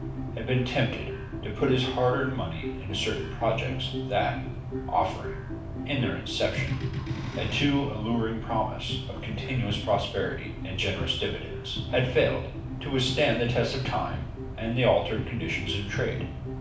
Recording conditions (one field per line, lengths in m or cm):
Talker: one person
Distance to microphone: 5.8 m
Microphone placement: far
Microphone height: 1.8 m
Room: medium-sized (5.7 m by 4.0 m)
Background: music